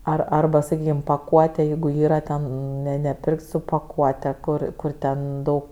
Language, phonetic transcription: Lithuanian, ˈar arˈba saˈkykim paˈkuote ˈjeigu ˈyra ten ne neˈpirk't' su paˈkuote ˈkur ˈkur ˈten ˈdaug

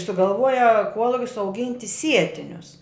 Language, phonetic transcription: Lithuanian, sugalˈvuoja ˈkuolukis auˈginti ˈsietinius

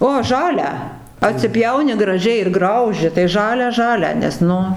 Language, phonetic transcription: Lithuanian, o ˈžalią atsiˈpjauni graˈžiai ir ˈgrauži tai ˈžalią ˈžalią nes ˈnu

